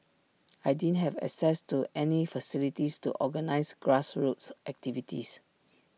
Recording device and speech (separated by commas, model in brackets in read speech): mobile phone (iPhone 6), read sentence